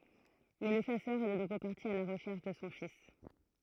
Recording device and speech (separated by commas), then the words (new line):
throat microphone, read sentence
Mais le chasseur est de nouveau parti à la recherche de son fils.